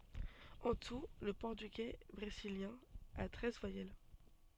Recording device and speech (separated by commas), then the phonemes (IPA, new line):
soft in-ear microphone, read sentence
ɑ̃ tu lə pɔʁtyɡɛ bʁeziljɛ̃ a tʁɛz vwajɛl